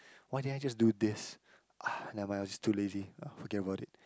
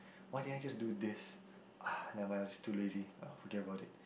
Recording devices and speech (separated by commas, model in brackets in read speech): close-talking microphone, boundary microphone, conversation in the same room